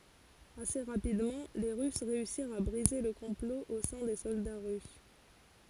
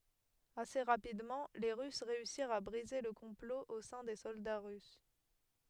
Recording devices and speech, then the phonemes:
forehead accelerometer, headset microphone, read sentence
ase ʁapidmɑ̃ le ʁys ʁeysiʁt a bʁize lə kɔ̃plo o sɛ̃ de sɔlda ʁys

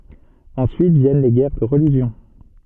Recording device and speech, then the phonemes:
soft in-ear microphone, read sentence
ɑ̃syit vjɛn le ɡɛʁ də ʁəliʒjɔ̃

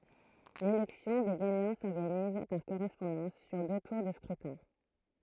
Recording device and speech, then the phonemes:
throat microphone, read sentence
lelɛksjɔ̃ de ɡaɲɑ̃ sɔʁɡaniz paʁ koʁɛspɔ̃dɑ̃s syʁ dø tuʁ də skʁytɛ̃

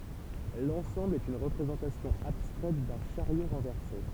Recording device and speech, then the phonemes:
temple vibration pickup, read sentence
lɑ̃sɑ̃bl ɛt yn ʁəpʁezɑ̃tasjɔ̃ abstʁɛt dœ̃ ʃaʁjo ʁɑ̃vɛʁse

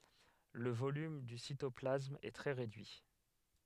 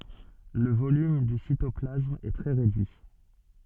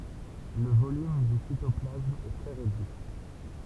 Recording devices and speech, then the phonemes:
headset microphone, soft in-ear microphone, temple vibration pickup, read sentence
lə volym dy sitɔplasm ɛ tʁɛ ʁedyi

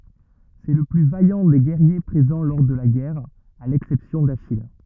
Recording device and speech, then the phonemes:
rigid in-ear microphone, read sentence
sɛ lə ply vajɑ̃ de ɡɛʁje pʁezɑ̃ lɔʁ də la ɡɛʁ a lɛksɛpsjɔ̃ daʃij

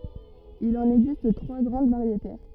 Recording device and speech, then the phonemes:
rigid in-ear microphone, read sentence
il ɑ̃n ɛɡzist tʁwa ɡʁɑ̃d vaʁjete

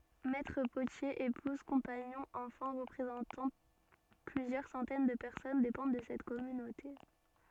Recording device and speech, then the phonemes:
soft in-ear microphone, read sentence
mɛtʁ potjez epuz kɔ̃paɲɔ̃z ɑ̃fɑ̃ ʁəpʁezɑ̃tɑ̃ plyzjœʁ sɑ̃tɛn də pɛʁsɔn depɑ̃d də sɛt kɔmynote

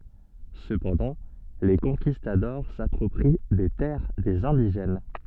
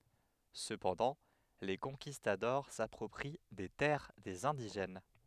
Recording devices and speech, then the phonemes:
soft in-ear microphone, headset microphone, read sentence
səpɑ̃dɑ̃ le kɔ̃kistadɔʁ sapʁɔpʁi de tɛʁ dez ɛ̃diʒɛn

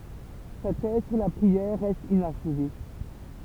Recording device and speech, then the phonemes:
temple vibration pickup, read sentence
sa tɛz syʁ la pʁiɛʁ ʁɛst inaʃve

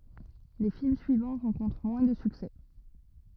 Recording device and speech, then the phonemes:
rigid in-ear microphone, read sentence
le film syivɑ̃ ʁɑ̃kɔ̃tʁ mwɛ̃ də syksɛ

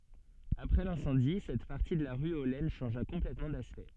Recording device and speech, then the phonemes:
soft in-ear microphone, read sentence
apʁɛ lɛ̃sɑ̃di sɛt paʁti də la ʁy o lɛn ʃɑ̃ʒa kɔ̃plɛtmɑ̃ daspɛkt

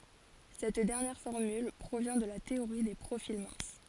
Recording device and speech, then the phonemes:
forehead accelerometer, read sentence
sɛt dɛʁnjɛʁ fɔʁmyl pʁovjɛ̃ də la teoʁi de pʁofil mɛ̃s

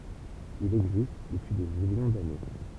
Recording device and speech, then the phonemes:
temple vibration pickup, read sentence
il ɛɡzist dəpyi de miljɔ̃ dane

